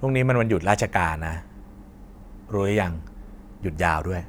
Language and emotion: Thai, frustrated